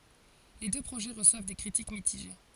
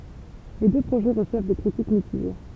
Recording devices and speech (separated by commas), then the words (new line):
forehead accelerometer, temple vibration pickup, read sentence
Les deux projets reçoivent des critiques mitigées.